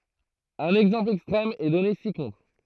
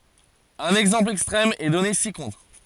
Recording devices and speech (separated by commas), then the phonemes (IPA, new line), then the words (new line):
throat microphone, forehead accelerometer, read sentence
œ̃n ɛɡzɑ̃pl ɛkstʁɛm ɛ dɔne si kɔ̃tʁ
Un exemple extrême est donné ci-contre.